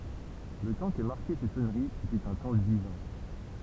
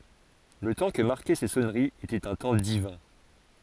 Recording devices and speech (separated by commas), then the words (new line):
temple vibration pickup, forehead accelerometer, read sentence
Le temps que marquaient ces sonneries était un temps divin.